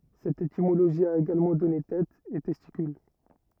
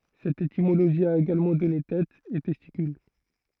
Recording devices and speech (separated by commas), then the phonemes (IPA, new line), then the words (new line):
rigid in-ear microphone, throat microphone, read sentence
sɛt etimoloʒi a eɡalmɑ̃ dɔne tɛ e tɛstikyl
Cette étymologie a également donné têt, et testicule.